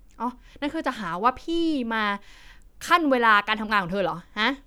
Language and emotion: Thai, frustrated